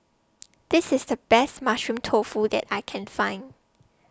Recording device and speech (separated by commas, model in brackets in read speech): standing microphone (AKG C214), read sentence